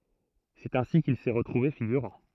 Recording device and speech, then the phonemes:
throat microphone, read sentence
sɛt ɛ̃si kil sɛ ʁətʁuve fiɡyʁɑ̃

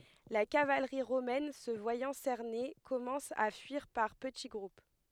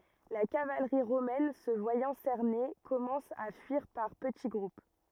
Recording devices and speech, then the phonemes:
headset microphone, rigid in-ear microphone, read sentence
la kavalʁi ʁomɛn sə vwajɑ̃ sɛʁne kɔmɑ̃s a fyiʁ paʁ pəti ɡʁup

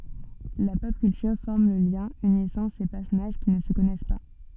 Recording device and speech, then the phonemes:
soft in-ear microphone, read sentence
la pɔp kyltyʁ fɔʁm lə ljɛ̃ ynisɑ̃ se pɛʁsɔnaʒ ki nə sə kɔnɛs pa

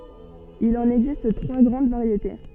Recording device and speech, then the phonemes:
soft in-ear microphone, read sentence
il ɑ̃n ɛɡzist tʁwa ɡʁɑ̃d vaʁjete

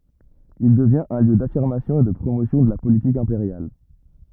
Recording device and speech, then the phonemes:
rigid in-ear microphone, read sentence
il dəvjɛ̃t œ̃ ljø dafiʁmasjɔ̃ e də pʁomosjɔ̃ də la politik ɛ̃peʁjal

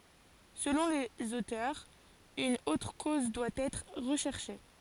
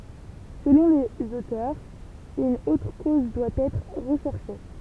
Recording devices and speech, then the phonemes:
forehead accelerometer, temple vibration pickup, read sentence
səlɔ̃ lez otœʁz yn otʁ koz dwa ɛtʁ ʁəʃɛʁʃe

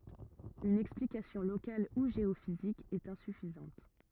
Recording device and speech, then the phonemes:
rigid in-ear microphone, read sentence
yn ɛksplikasjɔ̃ lokal u ʒeofizik ɛt ɛ̃syfizɑ̃t

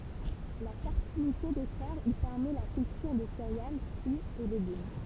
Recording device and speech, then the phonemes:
temple vibration pickup, read sentence
la fɛʁtilite de tɛʁz i pɛʁmɛ la kyltyʁ də seʁeal fʁyiz e leɡym

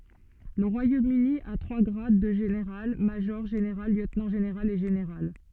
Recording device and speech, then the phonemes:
soft in-ear microphone, read sentence
lə ʁwajomøni a tʁwa ɡʁad də ʒeneʁal maʒɔʁ ʒeneʁal ljøtnɑ̃ ʒeneʁal e ʒeneʁal

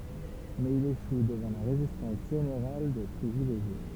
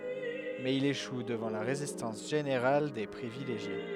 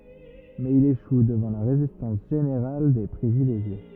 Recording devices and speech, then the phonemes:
temple vibration pickup, headset microphone, rigid in-ear microphone, read sentence
mɛz il eʃu dəvɑ̃ la ʁezistɑ̃s ʒeneʁal de pʁivileʒje

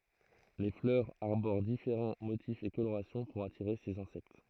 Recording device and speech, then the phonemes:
throat microphone, read sentence
le flœʁz aʁboʁ difeʁɑ̃ motifz e koloʁasjɔ̃ puʁ atiʁe sez ɛ̃sɛkt

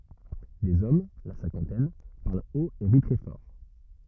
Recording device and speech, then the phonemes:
rigid in-ear microphone, read sentence
dez ɔm la sɛ̃kɑ̃tɛn paʁl ot e ʁi tʁɛ fɔʁ

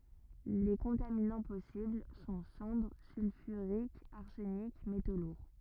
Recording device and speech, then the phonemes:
rigid in-ear microphone, read sentence
le kɔ̃taminɑ̃ pɔsibl sɔ̃ sɑ̃dʁ sylfyʁikz aʁsənik meto luʁ

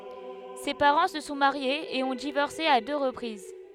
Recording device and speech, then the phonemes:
headset microphone, read sentence
se paʁɑ̃ sə sɔ̃ maʁjez e ɔ̃ divɔʁse a dø ʁəpʁiz

